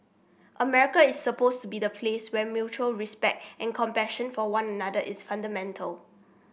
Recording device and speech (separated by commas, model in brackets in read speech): boundary microphone (BM630), read sentence